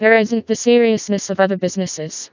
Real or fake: fake